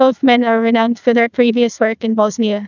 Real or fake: fake